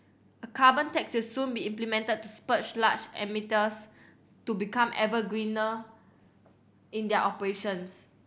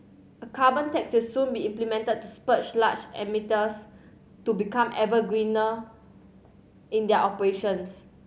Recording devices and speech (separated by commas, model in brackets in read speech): boundary microphone (BM630), mobile phone (Samsung C7100), read sentence